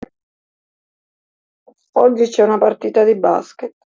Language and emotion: Italian, sad